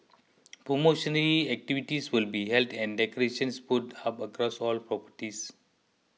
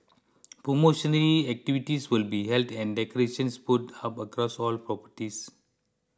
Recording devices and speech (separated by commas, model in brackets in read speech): mobile phone (iPhone 6), close-talking microphone (WH20), read sentence